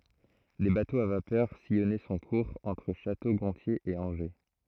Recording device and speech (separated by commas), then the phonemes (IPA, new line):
throat microphone, read sentence
de batoz a vapœʁ sijɔnɛ sɔ̃ kuʁz ɑ̃tʁ ʃato ɡɔ̃tje e ɑ̃ʒe